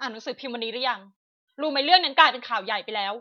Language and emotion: Thai, angry